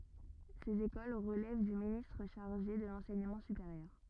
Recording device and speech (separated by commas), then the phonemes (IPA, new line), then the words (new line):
rigid in-ear microphone, read sentence
sez ekol ʁəlɛv dy ministʁ ʃaʁʒe də lɑ̃sɛɲəmɑ̃ sypeʁjœʁ
Ces écoles relèvent du ministre chargé de l’enseignement supérieur.